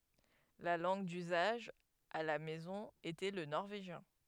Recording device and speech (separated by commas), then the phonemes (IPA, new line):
headset microphone, read sentence
la lɑ̃ɡ dyzaʒ a la mɛzɔ̃ etɛ lə nɔʁveʒjɛ̃